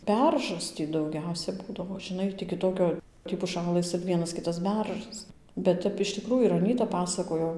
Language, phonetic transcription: Lithuanian, ˈberžas ˈtį dauˈgiausia ˈbūdavo žiˈnai tį kiˈtokio tį puˈšalɘs ir ˈvienas ˈkitas ˈberžas bet ˈtep iš tiˈkrųju ir aˈnyta ˈpasakojo

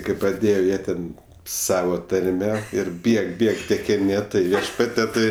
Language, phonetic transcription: Lithuanian, kai praˈdėje ˈjie ten ˈsava tarˈme ir ˈbieg ˈbieg tekiˈni ˈtai ˈviešpatie ˈtai

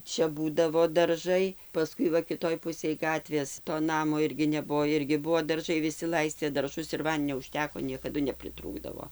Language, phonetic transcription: Lithuanian, ˈčia ˈbūdavo darˈžai paˈskui va kiˈtoj ˈpusėj ˈgatvės to ˈnamo ˈirgi ˈnebuvo ˈirgi ˈbuvo darˈžai viˈsi ˈlaistė darˈžus ir ˈvandinio uˈžteko niekaˈdu nepriˈtrūkdavo

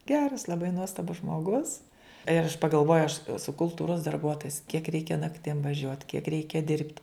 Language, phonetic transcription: Lithuanian, ˈgeras laˈbai ˈnuostabus žmoˈgus ir aš pagalˈvoju aš eˈsu kulˈtūros darˈbuotojis kiek ˈreikia nakˈtim vaˈžiuot kiek ˈreikia ˈdirbti

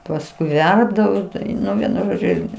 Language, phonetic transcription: Lithuanian, pasˈkui ˈverpdavo ˈtau ˈnu ˈvienu ˈžodžiu ˈirgi

